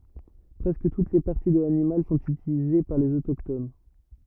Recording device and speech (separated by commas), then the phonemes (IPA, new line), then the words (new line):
rigid in-ear microphone, read sentence
pʁɛskə tut le paʁti də lanimal sɔ̃t ytilize paʁ lez otokton
Presque toutes les parties de l'animal sont utilisées par les autochtones.